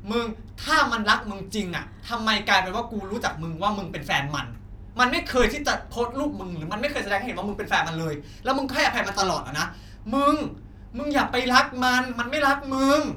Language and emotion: Thai, angry